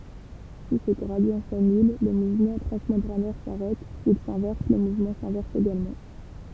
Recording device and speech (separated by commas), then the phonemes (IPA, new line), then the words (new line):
temple vibration pickup, read sentence
si sə ɡʁadi sanyl lə muvmɑ̃ tʁɑ̃smɑ̃bʁanɛʁ saʁɛt sil sɛ̃vɛʁs lə muvmɑ̃ sɛ̃vɛʁs eɡalmɑ̃
Si ce gradient s'annule, le mouvement transmembranaire s'arrête, s'il s'inverse le mouvement s'inverse également.